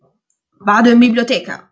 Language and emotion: Italian, angry